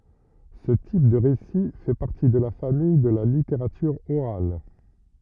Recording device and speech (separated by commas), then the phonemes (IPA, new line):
rigid in-ear microphone, read sentence
sə tip də ʁesi fɛ paʁti də la famij də la liteʁatyʁ oʁal